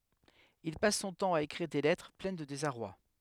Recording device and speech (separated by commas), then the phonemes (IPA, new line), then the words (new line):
headset microphone, read sentence
il pas sɔ̃ tɑ̃ a ekʁiʁ de lɛtʁ plɛn də dezaʁwa
Il passe son temps à écrire des lettres pleines de désarroi.